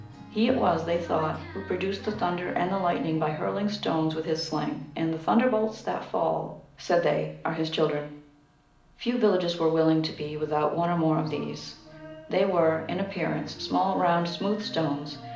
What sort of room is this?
A medium-sized room (about 5.7 m by 4.0 m).